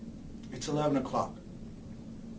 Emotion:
neutral